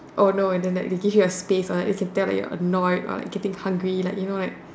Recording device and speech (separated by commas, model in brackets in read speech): standing microphone, conversation in separate rooms